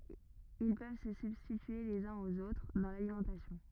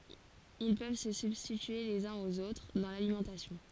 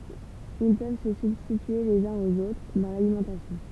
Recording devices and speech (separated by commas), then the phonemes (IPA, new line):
rigid in-ear microphone, forehead accelerometer, temple vibration pickup, read sentence
il pøv sə sybstitye lez œ̃z oz otʁ dɑ̃ lalimɑ̃tasjɔ̃